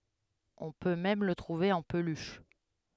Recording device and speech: headset microphone, read sentence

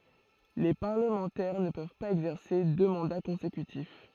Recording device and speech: throat microphone, read sentence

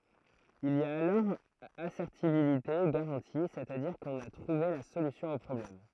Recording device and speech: throat microphone, read sentence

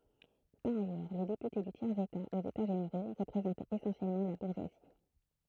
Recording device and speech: throat microphone, read sentence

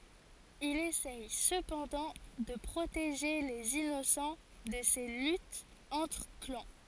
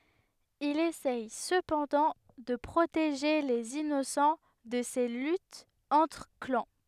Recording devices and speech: forehead accelerometer, headset microphone, read sentence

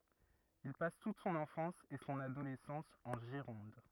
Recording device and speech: rigid in-ear microphone, read sentence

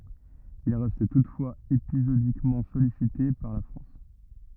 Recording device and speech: rigid in-ear microphone, read sentence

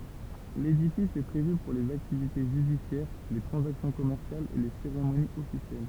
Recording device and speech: temple vibration pickup, read sentence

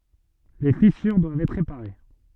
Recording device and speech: soft in-ear microphone, read sentence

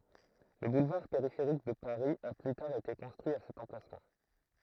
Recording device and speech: throat microphone, read sentence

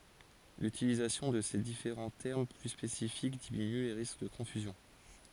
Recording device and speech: forehead accelerometer, read sentence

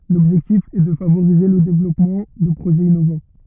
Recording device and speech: rigid in-ear microphone, read sentence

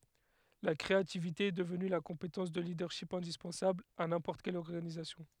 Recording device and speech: headset microphone, read sentence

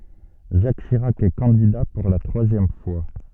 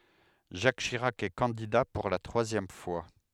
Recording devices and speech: soft in-ear microphone, headset microphone, read sentence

